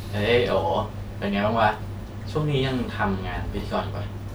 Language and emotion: Thai, neutral